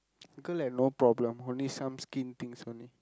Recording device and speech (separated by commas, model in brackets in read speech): close-talking microphone, conversation in the same room